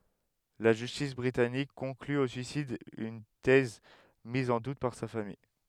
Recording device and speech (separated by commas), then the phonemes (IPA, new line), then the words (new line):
headset microphone, read sentence
la ʒystis bʁitanik kɔ̃kly o syisid yn tɛz miz ɑ̃ dut paʁ sa famij
La justice britannique conclut au suicide, une thèse mise en doute par sa famille.